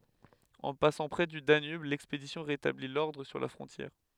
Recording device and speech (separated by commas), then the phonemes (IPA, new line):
headset microphone, read sentence
ɑ̃ pasɑ̃ pʁɛ dy danyb lɛkspedisjɔ̃ ʁetabli lɔʁdʁ syʁ la fʁɔ̃tjɛʁ